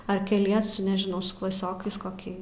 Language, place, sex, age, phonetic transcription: Lithuanian, Aukštaitija, female, 18-60, ar keˈliesu nežiˈnau su klaˈsiokais koˈkį

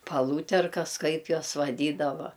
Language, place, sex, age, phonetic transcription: Lithuanian, Aukštaitija, female, 60+, paˈlūterkas ˈkaip ˈjuos vaˈdydava

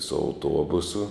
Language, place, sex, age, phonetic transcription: Lithuanian, Žemaitija, male, 60+, su auˈtuobusu

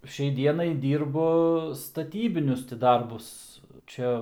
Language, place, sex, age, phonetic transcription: Lithuanian, Aukštaitija, male, 18-60, ˈšiai ˈdienai ˈdyrbu staˈtybinius ti ˈdarbus ˈčia

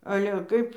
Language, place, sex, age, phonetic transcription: Lithuanian, Dzūkija, female, 60+, ale ˈkaip

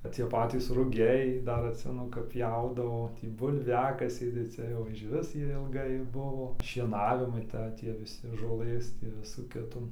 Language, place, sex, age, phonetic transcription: Lithuanian, Dzūkija, male, 18-60, cie ˈpatys ruˈgiai ˈdar atˈsimenu kap ˈpjaudavo ˈtį bulˈviakasiai tai ˈcia jau iš ˈvis ˈjie ilˈgai ˈbuvo šieˈnavimai ˈta ˈtie viˈsi žoˈlɘs tį ˈvisų kiˈtų

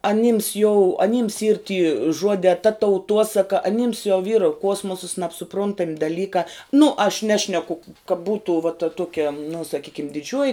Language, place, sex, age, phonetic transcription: Lithuanian, Žemaitija, female, 18-60, aˈnims jau aˈnims yr ty ˈžuodē ta tauˈtuosaka aˈnims jau vyr ˈkuosmosas nabsuˈpruntam' daˈlykā nu aš ˈnešneku ka ˈbūtu va ta ˈtuokia nu saˈkykim diˈdžiuoji

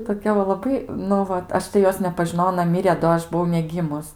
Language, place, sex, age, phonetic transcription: Lithuanian, Aukštaitija, female, 18-60, toˈkia va laˈbai nu ˈvat ˈaš tai ˈjos nepažiˈnojau aˈna ˈmirė do ˈaš buˈvau neˈgymus

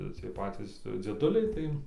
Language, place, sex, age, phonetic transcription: Lithuanian, Dzūkija, male, 18-60, ˈciej ˈpacys dzieˈduliai ˈtai

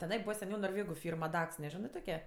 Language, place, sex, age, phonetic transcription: Lithuanian, Aukštaitija, female, 18-60, teˈnai ˈbūva seˈniau norˈvėgu ˈfyrm aˈdaks neˈžinɜ ˈtoke

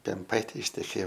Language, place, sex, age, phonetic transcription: Lithuanian, Aukštaitija, male, 18-60, pemˈpaitė išteˈkėjo

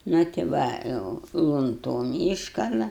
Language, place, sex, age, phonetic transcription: Lithuanian, Aukštaitija, female, 60+, nu ti ˈva ˈjau lunˈtom ˈyškala

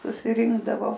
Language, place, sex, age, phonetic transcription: Lithuanian, Aukštaitija, female, 60+, susiˈrinkdavo

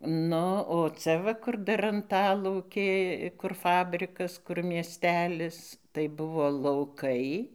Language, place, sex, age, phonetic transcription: Lithuanian, Dzūkija, female, 60+, ˈnu o ˈcia va ˈkur dar anˈtalaukė kur ˈfabrikas kur mieˈstelis tai ˈbuvo lauˈkai

